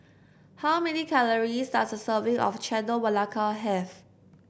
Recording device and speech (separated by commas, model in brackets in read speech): boundary microphone (BM630), read sentence